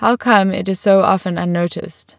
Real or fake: real